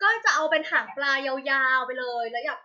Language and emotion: Thai, happy